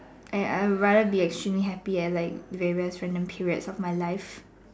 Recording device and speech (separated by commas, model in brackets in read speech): standing microphone, conversation in separate rooms